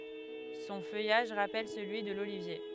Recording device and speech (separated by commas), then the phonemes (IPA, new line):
headset microphone, read sentence
sɔ̃ fœjaʒ ʁapɛl səlyi də lolivje